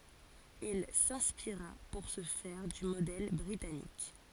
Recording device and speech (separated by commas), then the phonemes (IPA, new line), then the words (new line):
forehead accelerometer, read sentence
il sɛ̃spiʁa puʁ sə fɛʁ dy modɛl bʁitanik
Il s'inspira pour ce faire du modèle britannique.